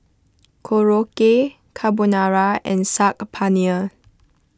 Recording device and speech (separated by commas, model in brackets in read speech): close-talking microphone (WH20), read sentence